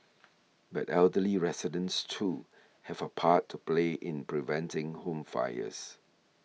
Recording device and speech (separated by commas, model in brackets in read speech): mobile phone (iPhone 6), read sentence